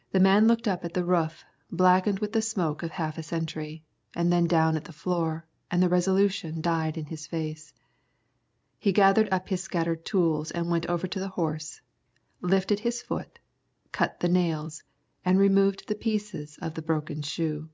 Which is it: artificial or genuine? genuine